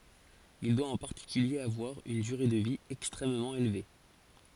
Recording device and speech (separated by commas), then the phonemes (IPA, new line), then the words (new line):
forehead accelerometer, read sentence
il dwa ɑ̃ paʁtikylje avwaʁ yn dyʁe də vi ɛkstʁɛmmɑ̃ elve
Il doit en particulier avoir une durée de vie extrêmement élevée.